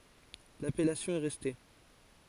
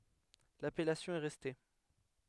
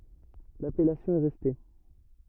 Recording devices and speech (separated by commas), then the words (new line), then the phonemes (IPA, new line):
forehead accelerometer, headset microphone, rigid in-ear microphone, read sentence
L'appellation est restée.
lapɛlasjɔ̃ ɛ ʁɛste